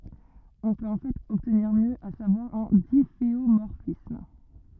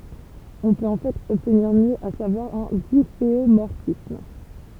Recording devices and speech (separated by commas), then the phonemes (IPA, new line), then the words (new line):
rigid in-ear microphone, temple vibration pickup, read sentence
ɔ̃ pøt ɑ̃ fɛt ɔbtniʁ mjø a savwaʁ œ̃ difeomɔʁfism
On peut en fait obtenir mieux, à savoir un difféomorphisme.